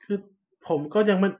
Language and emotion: Thai, frustrated